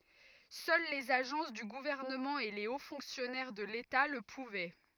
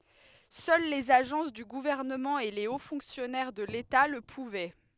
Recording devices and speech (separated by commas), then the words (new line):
rigid in-ear microphone, headset microphone, read sentence
Seuls les agences du gouvernement et les hauts fonctionnaires de l'État le pouvaient.